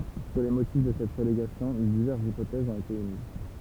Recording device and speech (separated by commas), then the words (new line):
temple vibration pickup, read sentence
Sur les motifs de cette relégation, diverses hypothèses ont été émises.